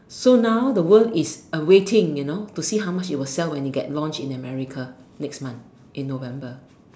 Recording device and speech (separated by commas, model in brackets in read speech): standing microphone, conversation in separate rooms